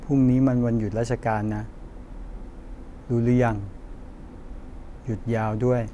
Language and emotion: Thai, neutral